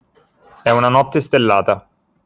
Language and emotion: Italian, neutral